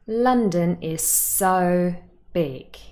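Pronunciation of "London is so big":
In 'London is so big', the word 'so' carries emphatic stress.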